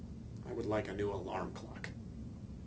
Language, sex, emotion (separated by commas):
English, male, neutral